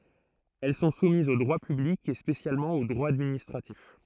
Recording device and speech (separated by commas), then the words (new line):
throat microphone, read sentence
Elles sont soumises au droit public et spécialement au droit administratif.